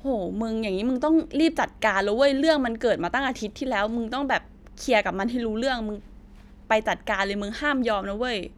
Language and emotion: Thai, frustrated